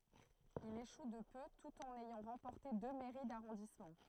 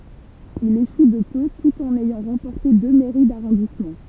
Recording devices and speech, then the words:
throat microphone, temple vibration pickup, read sentence
Il échoue de peu tout en ayant remporté deux mairies d'arrondissement.

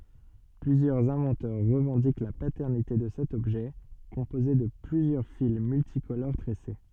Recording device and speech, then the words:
soft in-ear microphone, read sentence
Plusieurs inventeurs revendiquent la paternité de cet objet composé de plusieurs fils multicolores tressés.

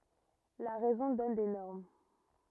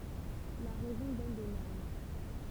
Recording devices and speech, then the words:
rigid in-ear microphone, temple vibration pickup, read sentence
La raison donne des normes.

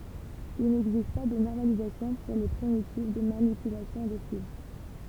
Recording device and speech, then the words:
temple vibration pickup, read sentence
Il n'existe pas de normalisation pour les primitives de manipulation de file.

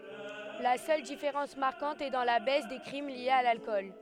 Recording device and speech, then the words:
headset microphone, read sentence
La seule différence marquante est dans la baisse des crimes liés à l'alcool.

